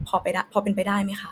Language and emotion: Thai, frustrated